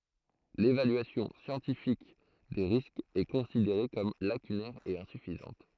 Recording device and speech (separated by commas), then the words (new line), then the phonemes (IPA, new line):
throat microphone, read sentence
L'évaluation scientifique des risques est considérée comme lacunaire et insuffisante.
levalyasjɔ̃ sjɑ̃tifik de ʁiskz ɛ kɔ̃sideʁe kɔm lakynɛʁ e ɛ̃syfizɑ̃t